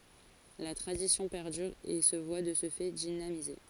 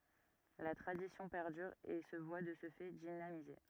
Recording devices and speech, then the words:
forehead accelerometer, rigid in-ear microphone, read sentence
La tradition perdure et se voit de ce fait dynamisée.

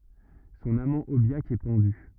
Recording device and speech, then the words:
rigid in-ear microphone, read sentence
Son amant Aubiac est pendu.

